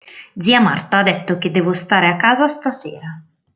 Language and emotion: Italian, neutral